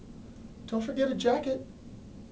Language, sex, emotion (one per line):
English
male
neutral